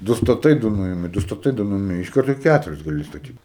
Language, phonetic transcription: Lithuanian, ˈdu staˈtai ˈdu ˈnuimi ˈdu staˈtai ˈdu ˈnuimi iš ˈkarto ˈkæturis gaˈli staˈtyt

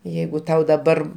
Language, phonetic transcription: Lithuanian, ˈjeigu ˈtau daˈbar

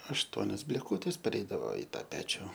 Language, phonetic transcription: Lithuanian, ašˈtuonios blėˈkūtės peˈreidavo i ˈtą ˈpečiu

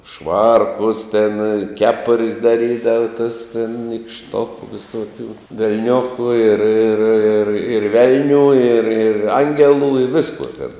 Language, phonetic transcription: Lithuanian, ˈšvarkus ten ˈkepur's' daˈrydava tas tin nykšˈtoku viˈsoˌkių velˈniokų ir ir ir ir ˈvelnių ir ir ˈangelų i ˈviskuo ten

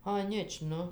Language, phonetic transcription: Lithuanian, aˈnič ˈnu

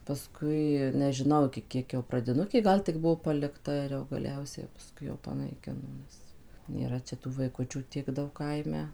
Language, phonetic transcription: Lithuanian, paˈskui nežiˈnau iki ˈkiek jau pradiˈnukė ˈgal tik ˈbuvo palikˈta ir jau gaˈliausia paˈskui jau panaiˈkino ˈmus nėˈra čia ˈtų vaiˈkučių ˈtiek ˈdaug ˈkaime

